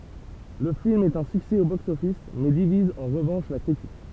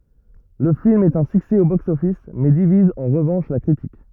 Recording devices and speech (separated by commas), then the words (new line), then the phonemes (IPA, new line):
temple vibration pickup, rigid in-ear microphone, read sentence
Le film est un succès au box office mais divise en revanche la critique.
lə film ɛt œ̃ syksɛ o bɔks ɔfis mɛ diviz ɑ̃ ʁəvɑ̃ʃ la kʁitik